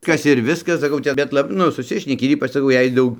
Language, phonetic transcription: Lithuanian, ˈkas ir ˈviskas saˈkau čia ˈbet la ˈnu suˈsišneki ir ˈypač saˈkau ˈjei ˈdaug

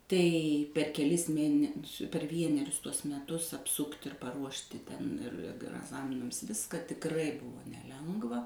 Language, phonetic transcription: Lithuanian, ˈtai per keˈlis ˈmėnesiu per ˈvienerius ˈtuos meˈtus apˈsukt' ir paˈruošti ten ir ag agˈzaminams ˈviska tikˈrai ˈbuvo neˈlengva

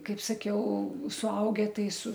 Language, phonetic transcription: Lithuanian, ˈkaip saˈkiau suˈauge ˈtai su

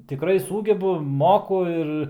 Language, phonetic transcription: Lithuanian, tiˈkrai ˈsūgebu ˈmoku ir

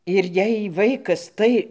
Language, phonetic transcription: Lithuanian, ir ˈjei ˈvaikas ˈtai

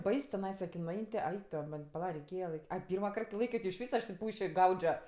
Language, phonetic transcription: Lithuanian, ˈbais tiˈnaisa ki nuˈain' ti ˈaik to ˈman' paˈla reiˈkėja laiˈky ˈai ˈpyrma ˈkart ki ˈlaikio ti išˈvys aš tė ˈpūši ˈgaudžio

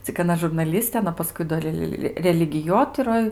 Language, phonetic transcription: Lithuanian, cik aˈna žurnaˈlistė aˈna paˈskui do ˈrel religiˈjotiroj

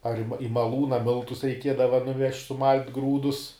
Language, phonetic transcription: Lithuanian, ar i ma i maˈlūna ˈmiltus reiˈkiedava nuˈvežt' suˈmalt' ˈgrūdus

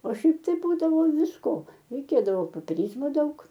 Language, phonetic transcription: Lithuanian, o ˈšiaip tai ˈbūdavo visˈko reiˈkėdavo popeˈryzmo ˈdaug

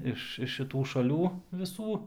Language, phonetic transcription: Lithuanian, ˈiš iš šiˈtų šaˈlių viˈsų

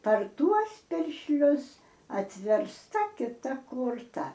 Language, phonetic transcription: Lithuanian, par ˈtuos piršˈlius atversˈta kiˈta korˈta

